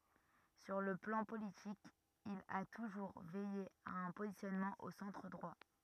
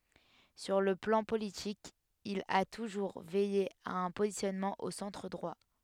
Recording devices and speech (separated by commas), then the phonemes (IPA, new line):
rigid in-ear microphone, headset microphone, read sentence
syʁ lə plɑ̃ politik il a tuʒuʁ vɛje a œ̃ pozisjɔnmɑ̃ o sɑ̃tʁ dʁwa